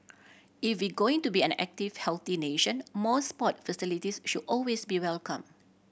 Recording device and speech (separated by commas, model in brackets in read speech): boundary microphone (BM630), read sentence